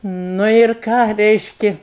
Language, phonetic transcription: Lithuanian, ˈnu ir ˈką ˈreiški

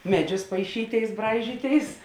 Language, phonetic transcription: Lithuanian, ˈmeˌdžius paiˈšyˌtėis ˈbraižyˌtėis

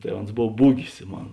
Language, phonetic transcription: Lithuanian, tai ˈons ˈbov ˈbūgis ˈmon

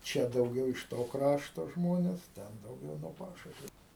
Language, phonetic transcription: Lithuanian, ˈčia dauˈgiau iš ˈto ˈkrašto ˈžmones ˈten dauˈgiau no ˈpašušviu

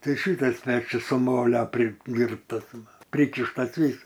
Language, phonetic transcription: Lithuanian, ˈtai ˈšytas ˈpečius su ˈmolio priˈdyrbtas ˈva ˈprykištas ˈvys

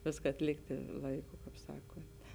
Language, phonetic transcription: Lithuanian, ˈviska atˈlikti ˈlaiˌku kaip ˈsakun't'

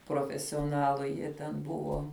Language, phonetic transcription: Lithuanian, profesioˈnalu ˈjie ten ˈbuvo

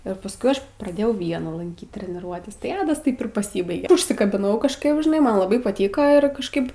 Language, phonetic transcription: Lithuanian, ir pasˈkui ˈaš praˈdėjau ˈviena lanˈkyt treniˈruotes tai ˈadas ˈtaip ir paˈsybaige užsikabiˈnau kažˈkaip žiˈnai ˈman laˈbai paˈtyka ir kažˈkaip

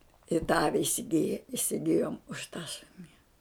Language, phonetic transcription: Lithuanian, i ta ˈavi isiˈgije isiˈgijom už ta ˈšuni

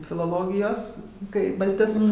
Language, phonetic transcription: Lithuanian, filoˈlogijos ˈkai balˈtists

